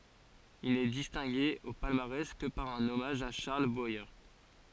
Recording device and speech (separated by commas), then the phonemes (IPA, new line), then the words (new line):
forehead accelerometer, read sentence
il nɛ distɛ̃ɡe o palmaʁɛs kə paʁ œ̃n ɔmaʒ a ʃaʁl bwaje
Il n'est distingué au palmarès que par un hommage à Charles Boyer.